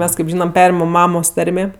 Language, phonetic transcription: Lithuanian, ˈmes kaip ˈžynam ˈperimam ˈmamos ˈtarmė

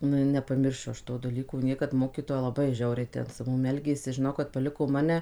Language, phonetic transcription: Lithuanian, ˈnu i nepaˈmiršiu ˈaš ˈto daˈlyko ˈniekad ˈmokytoja laˈbai ˈžiauriai ten su ˈmum ˈelgėsi žiˈnau kad paˈliko ˈmane

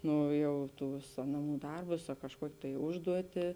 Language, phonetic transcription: Lithuanian, ˈno ˈjau ˈtūs ˈnaˌmų ˈdarbus a kažˈkuokė tai ˈužduoti

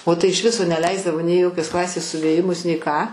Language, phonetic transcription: Lithuanian, o tai iš ˈviso neˈleisdavo nei i ˈjokios ˈklasės suvėˈjimus nei ką

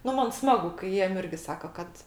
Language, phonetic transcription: Lithuanian, ˈnu ˈman ˈsmagu kai ˈjiem ˈirgi ˈsaka ˈkad

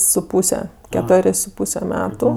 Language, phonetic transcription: Lithuanian, su ˈpūse keˈtorės' su ˈpūse ˈmetu

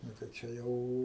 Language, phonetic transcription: Lithuanian, ˈnu tai ˈčia jau

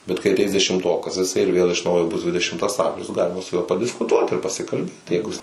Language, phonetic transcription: Lithuanian, bet kai aˈteis dešimˈtokas jiˈsai ir ˈvėl iš ˈnaujo ˈbus ˈdvidešimtas ˈamžius ˈgalima su ˈjuo padiskuˈtuot ir pasikalˈbėt tai ˈjeigu jis

